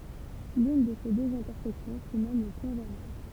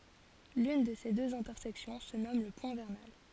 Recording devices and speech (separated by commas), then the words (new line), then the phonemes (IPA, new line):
temple vibration pickup, forehead accelerometer, read sentence
L'une de ces deux intersections se nomme le point vernal.
lyn də se døz ɛ̃tɛʁsɛksjɔ̃ sə nɔm lə pwɛ̃ vɛʁnal